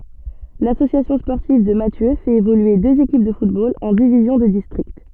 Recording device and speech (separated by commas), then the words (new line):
soft in-ear microphone, read sentence
L'Association sportive de Mathieu fait évoluer deux équipes de football en divisions de district.